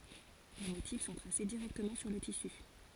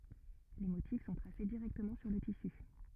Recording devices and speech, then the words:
forehead accelerometer, rigid in-ear microphone, read sentence
Les motifs sont tracés directement sur le tissu.

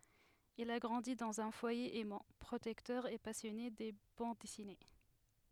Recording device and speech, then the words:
headset microphone, read sentence
Il a grandi dans un foyer aimant, protecteur et passionné de bandes dessinées.

